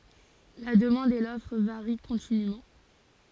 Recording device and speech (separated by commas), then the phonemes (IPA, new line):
forehead accelerometer, read sentence
la dəmɑ̃d e lɔfʁ vaʁi kɔ̃tinym